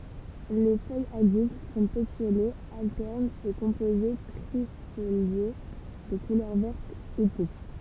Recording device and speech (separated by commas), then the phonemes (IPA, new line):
temple vibration pickup, read sentence
le fœjz adylt sɔ̃ petjolez altɛʁnz e kɔ̃poze tʁifolje də kulœʁ vɛʁt u puʁpʁ